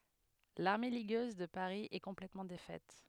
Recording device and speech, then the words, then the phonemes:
headset microphone, read sentence
L’armée ligueuse de Paris est complètement défaite.
laʁme liɡøz də paʁi ɛ kɔ̃plɛtmɑ̃ defɛt

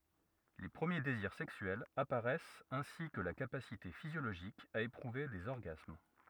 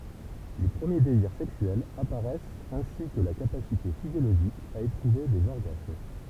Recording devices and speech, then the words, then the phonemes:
rigid in-ear microphone, temple vibration pickup, read sentence
Les premiers désirs sexuels apparaissent ainsi que la capacité physiologique à éprouver des orgasmes.
le pʁəmje deziʁ sɛksyɛlz apaʁɛst ɛ̃si kə la kapasite fizjoloʒik a epʁuve dez ɔʁɡasm

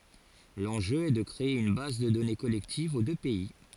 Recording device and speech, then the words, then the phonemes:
forehead accelerometer, read sentence
L'enjeu est de créer une base de données collective aux deux pays.
lɑ̃ʒø ɛ də kʁee yn baz də dɔne kɔlɛktiv o dø pɛi

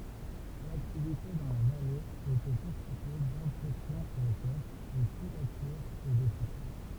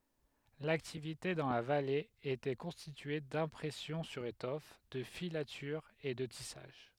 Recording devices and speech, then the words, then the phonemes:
temple vibration pickup, headset microphone, read sentence
L’activité dans la vallée était constituée d'impression sur étoffe, de filatures et de tissage.
laktivite dɑ̃ la vale etɛ kɔ̃stitye dɛ̃pʁɛsjɔ̃ syʁ etɔf də filatyʁz e də tisaʒ

